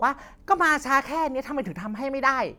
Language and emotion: Thai, angry